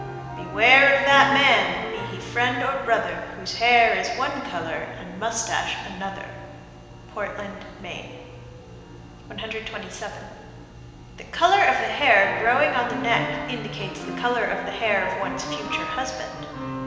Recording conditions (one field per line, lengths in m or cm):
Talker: one person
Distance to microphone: 1.7 m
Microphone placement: close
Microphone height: 1.0 m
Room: very reverberant, large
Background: music